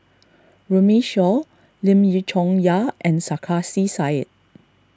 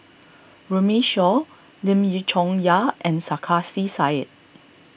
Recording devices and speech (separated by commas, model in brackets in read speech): standing microphone (AKG C214), boundary microphone (BM630), read sentence